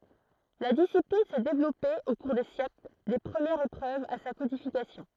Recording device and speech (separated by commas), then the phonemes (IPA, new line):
throat microphone, read sentence
la disiplin sɛ devlɔpe o kuʁ de sjɛkl de pʁəmjɛʁz epʁøvz a sa kodifikasjɔ̃